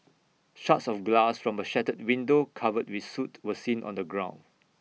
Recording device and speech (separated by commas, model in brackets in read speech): mobile phone (iPhone 6), read sentence